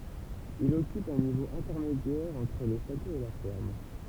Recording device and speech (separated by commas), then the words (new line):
temple vibration pickup, read sentence
Il occupe un niveau intermédiaire entre le château et la ferme.